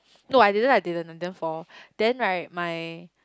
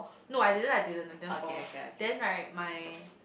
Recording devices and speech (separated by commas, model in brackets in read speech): close-talking microphone, boundary microphone, conversation in the same room